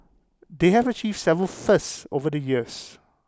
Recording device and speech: close-talking microphone (WH20), read sentence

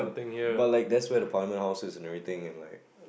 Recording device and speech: boundary microphone, conversation in the same room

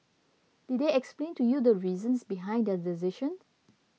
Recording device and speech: mobile phone (iPhone 6), read sentence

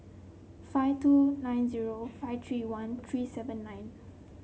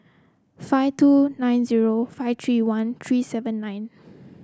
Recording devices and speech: mobile phone (Samsung C7), close-talking microphone (WH30), read sentence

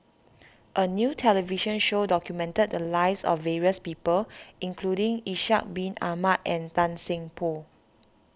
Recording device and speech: standing microphone (AKG C214), read sentence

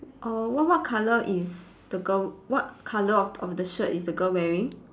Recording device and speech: standing microphone, conversation in separate rooms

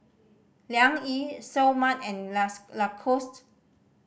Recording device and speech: boundary microphone (BM630), read sentence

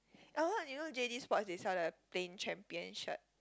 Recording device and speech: close-talking microphone, conversation in the same room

